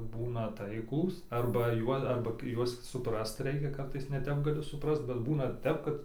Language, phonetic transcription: Lithuanian, ˈbūna ˈtaiklūs arba ˈjuo arba ˈjuos suˈprast ˈreikia ˈkartais neˈtep gaˈli suˈprast bet ˈbūna ˈtep kad

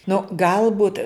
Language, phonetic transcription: Lithuanian, nu ˈgalbut

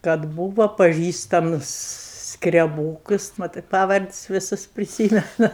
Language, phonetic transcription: Lithuanian, kad ˈbūvo paˈžįstamus skreˈbūkus ˈmatɜ ˈpavards' viˈsus priˈsymenu

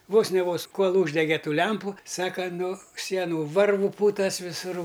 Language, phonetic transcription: Lithuanian, ˈvos ne ˈvos ˈkol ˈūždegė ˈtų ˈlempu ˈsaka nu ˈsienu ˈvarvu ˈpūtas viˈsūr

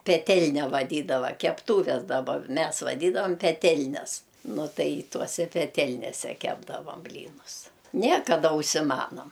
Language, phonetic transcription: Lithuanian, peˈtelne vaˈdydava kepˈtūves daˈba ˈmes vaˈdydavam peˈtelnes ˈnu ˈtai ˈtuose peˈtelnėse ˈkepdavam ˈblynus ˈne kaˈda užsiˈmanom

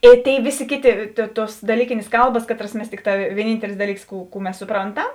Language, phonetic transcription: Lithuanian, ˈė ˈtėi ˈvėˌsė ˈkėˌtė tė ˈtuos daˈlykėnės ˈkalbas ˈkaˌtras ˈmes ˈtikˌtā vieˈnyntelis ˈdaˌlyks ˈkų kų ˈmes suˈpronˌtam

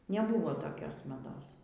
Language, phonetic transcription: Lithuanian, neˈbūvo toˈkios maˈdos

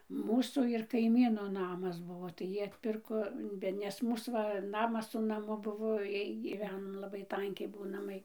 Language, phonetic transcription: Lithuanian, ˈmūsų ir kaiˈmyno ˈnamas ˈbuvo ˈtai ˈjy atˈpirko ˈbe nes ˈmūs va ˈnamas su naˈmu ˈbuvo ˈjiej gyˈveno laˈbai ˈtankiai ˈbuo naˈmai

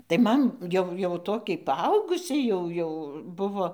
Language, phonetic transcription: Lithuanian, tai ˈman ˈjau jau ˈtokiai paˈaugusiai ˈjau jau ˈbuvo

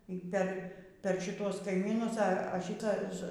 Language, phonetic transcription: Lithuanian, y ˈper ˈper šiˈtuos kaiˈmynus a a ˈšytas

